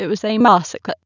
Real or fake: fake